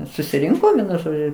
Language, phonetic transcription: Lithuanian, susiˈrinko ˈvienu ˈžodžiu

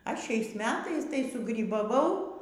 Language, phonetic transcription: Lithuanian, ˈaš ˈšiais ˈmetais tai sugrybaˈvau

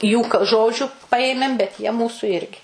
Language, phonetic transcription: Lithuanian, jų k ˈžodžiu ˈpaėmėm bet jie ˈmūsu ˈirgi

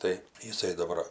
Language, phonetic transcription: Lithuanian, tai jiˈsai daˈbar

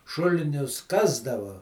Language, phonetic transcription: Lithuanian, ˈšulinius ˈkasdava

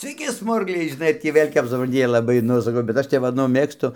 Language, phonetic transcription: Lithuanian, sveiˈki ˈsmurgliai žiˈnai ar ˈtį ˈvėl' kap suˈpran ˈjie laˈbai nu saˈkau bet ˈaš tep ˈva nu ˈmėgstu

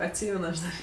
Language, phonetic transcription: Lithuanian, atˈsymen aš ˈdar

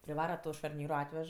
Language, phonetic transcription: Lithuanian, priˈvara ˈto šarˈnyro ˈatvež

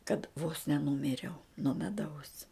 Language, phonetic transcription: Lithuanian, kad vos neˈnumiriau nuo meˈdaus

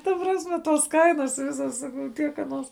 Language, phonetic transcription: Lithuanian, ta ˈprasˌme ˈtuos ˈkainas ˈvisas ˈsakau ˈtiek aˈnuos

